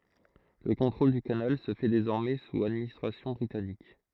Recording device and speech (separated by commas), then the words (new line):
throat microphone, read sentence
Le contrôle du canal se fait désormais sous administration britannique.